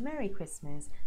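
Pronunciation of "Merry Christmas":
In 'Merry Christmas', the two words are linked together so the phrase flows, and the t in 'Christmas' is silent.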